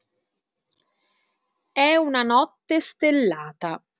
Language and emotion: Italian, neutral